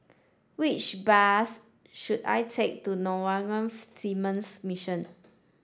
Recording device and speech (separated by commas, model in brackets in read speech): standing microphone (AKG C214), read sentence